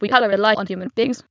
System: TTS, waveform concatenation